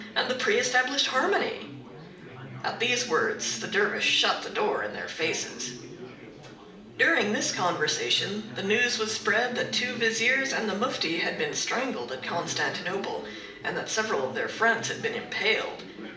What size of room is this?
A moderately sized room.